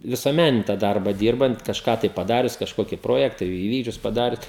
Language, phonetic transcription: Lithuanian, visuoˈmænini tą ˈdarba ˈdyrbant kažˈką tai paˈdarius kažˈkoki ˈprojektą iˈvykdžius paˈdarius

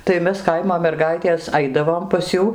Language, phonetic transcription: Lithuanian, tai ˈmes ˈkaimo merˈgaitės ˈaidavom pas ˈjų

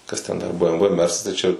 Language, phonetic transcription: Lithuanian, ˈkas ten dar bə em və ˈmersas tai čia

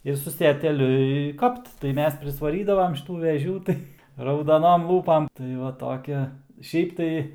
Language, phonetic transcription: Lithuanian, ˈir su seteˈliu i ˈkapt tai ˈmes prisvaˈrydavam šiˈtų veˈžių ˈtai raudaˈnom ˈlūpam tai ˈva toˈki ˈšiaip tai

